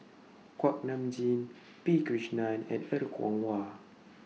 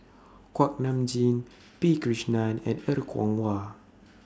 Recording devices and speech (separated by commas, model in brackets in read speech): mobile phone (iPhone 6), standing microphone (AKG C214), read sentence